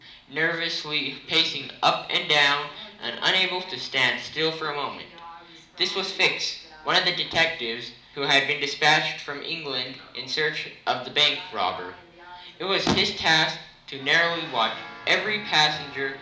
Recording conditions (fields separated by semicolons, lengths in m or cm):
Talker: one person; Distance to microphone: 2.0 m; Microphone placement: close; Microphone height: 99 cm; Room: medium-sized (5.7 m by 4.0 m); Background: television